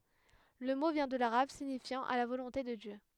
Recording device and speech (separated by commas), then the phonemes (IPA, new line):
headset microphone, read sentence
lə mo vjɛ̃ də laʁab siɲifjɑ̃ a la volɔ̃te də djø